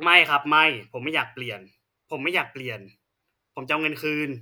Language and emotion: Thai, frustrated